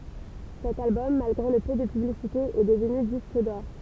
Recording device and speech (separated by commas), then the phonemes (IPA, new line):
temple vibration pickup, read sentence
sɛt albɔm malɡʁe lə pø də pyblisite ɛ dəvny disk dɔʁ